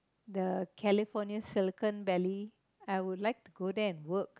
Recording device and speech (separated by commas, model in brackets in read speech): close-talking microphone, conversation in the same room